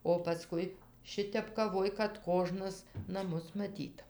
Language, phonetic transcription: Lithuanian, o paˈskui ˈšitep kaˈvoj kad ˈkožnas naˈmus maˈtyt

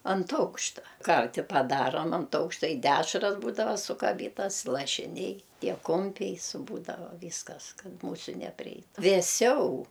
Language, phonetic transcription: Lithuanian, ant ˈaukšta ˈkarti paˈdarom ant ˈaukšta i ˈdešras ˈbūdava sukaˈbytas lašiˈniai ˈtie ˈkumpiai su ˈbūdava ˈvyskas ˈkad ˈmūsiu nepriˈeitu vėˈsiau

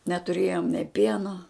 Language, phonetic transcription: Lithuanian, netuˈrėjom nė ˈpieno

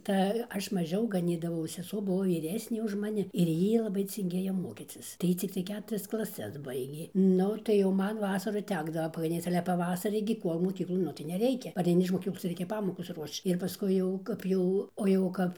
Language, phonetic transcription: Lithuanian, tai ˈaš maˈžiau gaˈnydavau seˈsuo ˈbuvo vyˈresnė už maˈni ir ˈjy laˈbai cinˈgėjo ˈmokycis tai ˈjy ˈciktai ˈketurias klaˈses ˈbaigė ˈnu tai jau ˈman ˈvasaru ˈtekdavo pagaˈnyc ale paˈvasarį gi ˈkuol moˈkyklon ˈnu tai neˈreikia pareiˈni iž moˈkyklos ˈreikia ˈpamokos ˈruošč ir paˈskui jau ˈkap jau o jau ˈkap

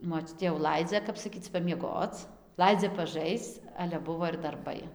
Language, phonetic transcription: Lithuanian, moˈčiutė jau ˈlaidzia ˈkap saˈkyc pamieˈgoc ˈlaidzia paˈžaisc ˈale ˈbuvo ir darˈbai

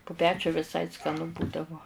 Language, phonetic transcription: Lithuanian, pu ˈpečiu viˈsai skaˈnu ˈbūdavo

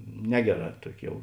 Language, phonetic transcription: Lithuanian, ˈnegeˌrā ˈtuoki ˈjau

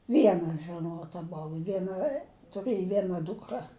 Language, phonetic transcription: Lithuanian, ˈviena žeˈnota ˈbov ˈviena tuˈrɘj ˈviena ˈdūkra

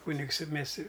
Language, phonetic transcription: Lithuanian, ˈkūnigs i ˈmės i

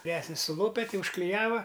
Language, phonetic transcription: Lithuanian, viˈresnis suˈlope ˈti užkliˈjava

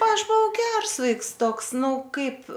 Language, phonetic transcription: Lithuanian, ˈaš buˈvau ˈgers ˈvaiks ˈtoks ˈnu ˈkaip

